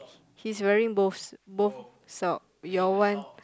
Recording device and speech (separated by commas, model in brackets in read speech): close-talking microphone, conversation in the same room